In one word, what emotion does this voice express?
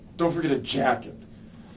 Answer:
disgusted